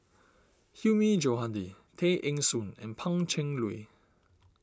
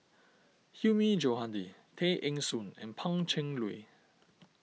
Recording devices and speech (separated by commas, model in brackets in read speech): standing microphone (AKG C214), mobile phone (iPhone 6), read sentence